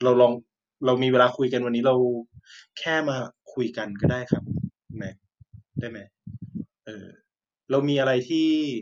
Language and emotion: Thai, frustrated